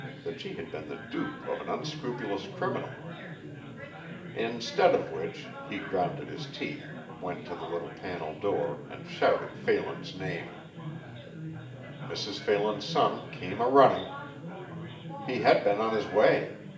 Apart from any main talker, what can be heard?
Crowd babble.